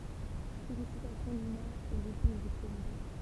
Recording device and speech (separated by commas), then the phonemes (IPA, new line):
temple vibration pickup, read sentence
felisitasjɔ̃ dy mɛʁ e ʁepɔ̃s dy pʁezidɑ̃